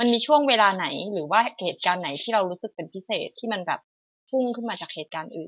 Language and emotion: Thai, neutral